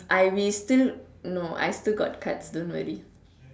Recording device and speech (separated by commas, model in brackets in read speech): standing microphone, conversation in separate rooms